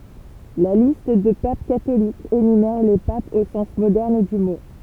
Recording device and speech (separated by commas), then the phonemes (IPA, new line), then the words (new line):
temple vibration pickup, read sentence
la list də pap katolikz enymɛʁ le papz o sɑ̃s modɛʁn dy mo
La liste de papes catholiques énumère les papes au sens moderne du mot.